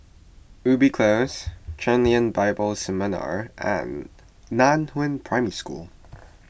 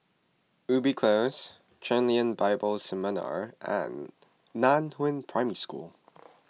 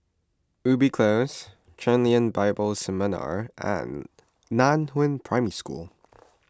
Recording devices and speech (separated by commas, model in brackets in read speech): boundary microphone (BM630), mobile phone (iPhone 6), close-talking microphone (WH20), read sentence